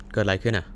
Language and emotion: Thai, neutral